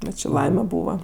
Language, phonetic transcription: Lithuanian, ˈbet či ˈlaime ˈbūva

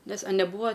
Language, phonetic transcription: Lithuanian, nes a neˈbūva

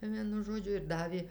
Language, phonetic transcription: Lithuanian, ˈvienu ˈžodžiu ir ˈdavė

